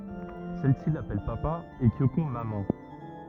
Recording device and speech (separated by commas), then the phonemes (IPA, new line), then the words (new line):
rigid in-ear microphone, read sentence
sɛl si lapɛl papa e kjoko mamɑ̃
Celle-ci l'appelle papa et Kyoko maman.